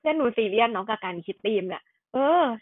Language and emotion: Thai, frustrated